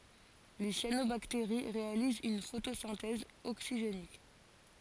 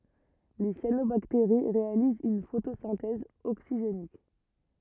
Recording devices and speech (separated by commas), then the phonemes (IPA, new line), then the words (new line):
forehead accelerometer, rigid in-ear microphone, read sentence
le sjanobakteʁi ʁealizt yn fotosɛ̃tɛz oksiʒenik
Les cyanobactéries réalisent une photosynthèse oxygénique.